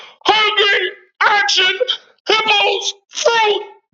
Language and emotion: English, disgusted